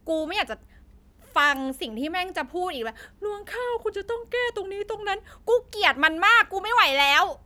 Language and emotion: Thai, angry